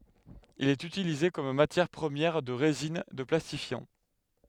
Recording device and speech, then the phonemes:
headset microphone, read sentence
il ɛt ytilize kɔm matjɛʁ pʁəmjɛʁ də ʁezin də plastifjɑ̃

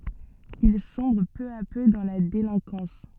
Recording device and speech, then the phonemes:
soft in-ear microphone, read sentence
il sɔ̃bʁ pø a pø dɑ̃ la delɛ̃kɑ̃s

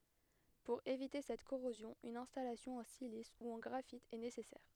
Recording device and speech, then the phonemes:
headset microphone, read sentence
puʁ evite sɛt koʁozjɔ̃ yn ɛ̃stalasjɔ̃ ɑ̃ silis u ɑ̃ ɡʁafit ɛ nesɛsɛʁ

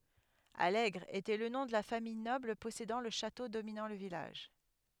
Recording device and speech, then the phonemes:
headset microphone, read sentence
alɛɡʁ etɛ lə nɔ̃ də la famij nɔbl pɔsedɑ̃ lə ʃato dominɑ̃ lə vilaʒ

